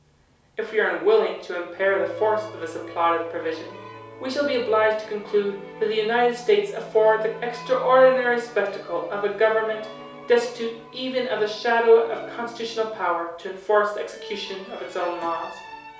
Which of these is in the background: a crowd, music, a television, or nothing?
Music.